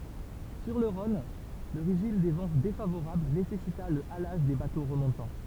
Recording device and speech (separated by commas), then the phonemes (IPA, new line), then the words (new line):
temple vibration pickup, read sentence
syʁ lə ʁɔ̃n lə ʁeʒim de vɑ̃ defavoʁabl nesɛsita lə alaʒ de bato ʁəmɔ̃tɑ̃
Sur le Rhône, le régime des vents défavorable nécessita le halage des bateaux remontant.